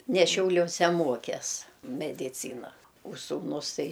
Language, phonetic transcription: Lithuanian, ne šiaulioˈse ˈmokes mediˈcyna o sūˈnus ˈtai

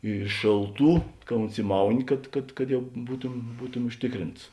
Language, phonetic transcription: Lithuanian, i ˈšėlˌtų ka unsiˈmauni kad kad kad jau ˈbūtum ˈbūtumi užˈtikˌrints

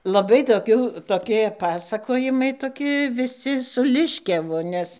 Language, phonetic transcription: Lithuanian, laˈbai toˈkių toˈkie ˈpasakojimai ˈtoki viˈsi su ˈliškiavu ˈnes

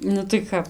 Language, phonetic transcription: Lithuanian, ˈnu tai ˈkap

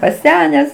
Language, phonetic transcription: Lithuanian, paˈsenęs

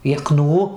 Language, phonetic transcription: Lithuanian, jeˈknų

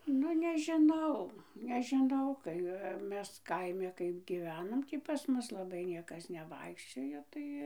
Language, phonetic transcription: Lithuanian, ˈnu nežiˈnau nežiˈnau kai ˈmes ˈkaime ˈkaip gyˈvenom ˈtį pas ˈmus laˈbai ˈniekas neˈvaikščiojo ˈtai

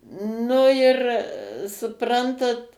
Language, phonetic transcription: Lithuanian, ˈnu ir suˈprantat

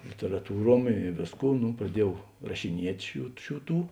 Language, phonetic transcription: Lithuanian, literaˈtūˌruom i ˈvėsˌkų ˈnu praˈdieˌjau rašiˈniet' ˈšių ˈšių ˈtų

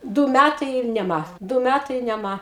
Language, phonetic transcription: Lithuanian, ˈdū ˈmætai ir neˈma ˈdū ˈmætai ir neˈma

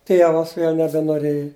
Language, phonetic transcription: Lithuanian, ˈtievas ˈvėl' nebenoˈrėji

